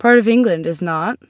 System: none